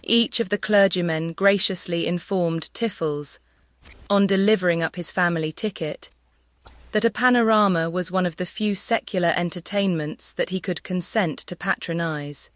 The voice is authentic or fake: fake